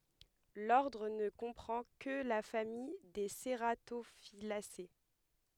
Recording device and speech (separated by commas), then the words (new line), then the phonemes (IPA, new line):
headset microphone, read sentence
L'ordre ne comprend que la famille des cératophyllacées.
lɔʁdʁ nə kɔ̃pʁɑ̃ kə la famij de seʁatofilase